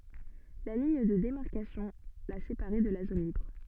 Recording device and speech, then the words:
soft in-ear microphone, read sentence
La ligne de démarcation la séparait de la zone libre.

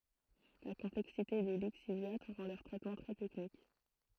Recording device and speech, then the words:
throat microphone, read sentence
La complexité des lixiviats rend leur traitement très technique.

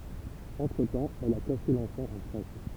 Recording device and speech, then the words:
temple vibration pickup, read sentence
Entre-temps, elle a caché l'enfant en Crète.

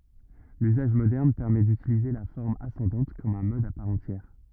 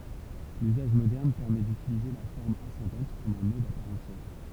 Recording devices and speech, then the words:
rigid in-ear microphone, temple vibration pickup, read sentence
L'usage moderne permet d'utiliser la forme ascendante comme un mode à part entière.

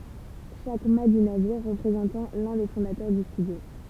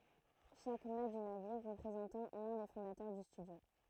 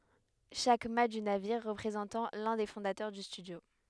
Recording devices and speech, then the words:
temple vibration pickup, throat microphone, headset microphone, read sentence
Chaque mat du navire représentant l'un des fondateurs du studio.

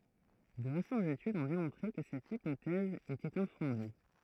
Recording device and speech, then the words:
throat microphone, read sentence
De récentes études ont démontré que cette hypothèse était infondée.

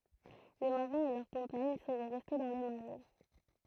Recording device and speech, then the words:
throat microphone, read sentence
Les marins et leurs compagnes seraient restés dans les marais.

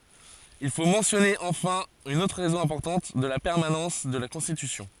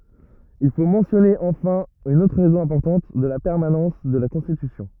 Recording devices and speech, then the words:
forehead accelerometer, rigid in-ear microphone, read sentence
Il faut mentionner enfin une autre raison importante de la permanence de la Constitution.

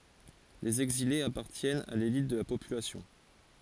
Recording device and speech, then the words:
forehead accelerometer, read sentence
Les exilés appartiennent à l'élite de la population.

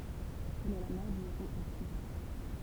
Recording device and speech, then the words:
temple vibration pickup, read sentence
Elle est la mère du héros Achille.

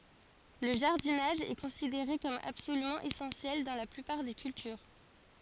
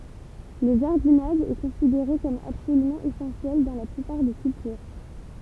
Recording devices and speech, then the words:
forehead accelerometer, temple vibration pickup, read sentence
Le jardinage est considéré comme absolument essentiel dans la plupart des cultures.

